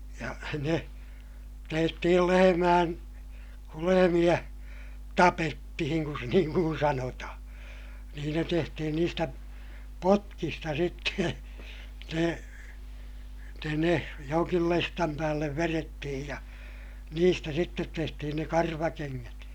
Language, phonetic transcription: Finnish, ja ne , tehtihij jo lehemään , kul lehemiʲä , tapettihiŋ kun niiŋ kun sanotahaa̰ , niin ne tehtihin niistä , potkista sitte , ne , ne ne , joŋkil lestam päällev verettihij ja , niistä sittet tehtihin ne karvakeŋŋät .
- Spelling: ja ne tehtiin jo lehmien kun lehmiä tapettiin kun niin kuin sanotaan niin ne tehtiin niistä potkista sitten ne ne ne jonkin lestin päälle vedettiin ja niistä sitten tehtiin ne karvakengät

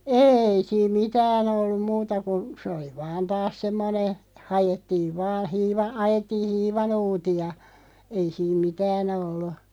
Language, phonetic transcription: Finnish, êi 'siim "mitään ‿olluᵐ 'muuta kun̬ , 'sᵉ oli 'vaan 'taas 'semmone , "hajettiiv vaa hiiva- , 'ajettii "hiiva'nuuti₍a , ei 'siim "mitään ‿ollu .
- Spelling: ei siinä mitään ollut muuta kuin se oli vain taas semmoinen haettiin vain - ajettiin hiivanuuttia ei siinä mitään ollut

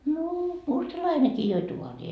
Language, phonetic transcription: Finnish, noo , "mustalainekii joi 'tuorii .
- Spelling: no mustalainenkin joi taaria

